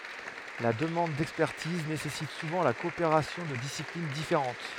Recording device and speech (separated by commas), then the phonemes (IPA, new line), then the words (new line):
headset microphone, read sentence
la dəmɑ̃d dɛkspɛʁtiz nesɛsit suvɑ̃ la kɔopeʁasjɔ̃ də disiplin difeʁɑ̃t
La demande d'expertise nécessite souvent la coopération de disciplines différentes.